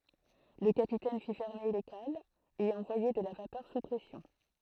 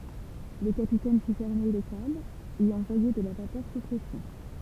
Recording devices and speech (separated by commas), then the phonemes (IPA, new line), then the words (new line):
throat microphone, temple vibration pickup, read sentence
lə kapitɛn fi fɛʁme le kalz e ɑ̃vwaje də la vapœʁ su pʁɛsjɔ̃
Le capitaine fit fermer les cales et envoyer de la vapeur sous pression.